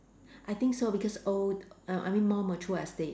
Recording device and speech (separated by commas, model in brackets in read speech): standing microphone, conversation in separate rooms